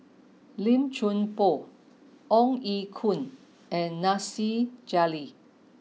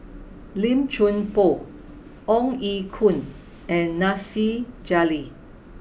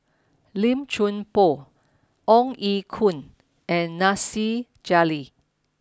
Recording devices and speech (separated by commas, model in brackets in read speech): mobile phone (iPhone 6), boundary microphone (BM630), standing microphone (AKG C214), read sentence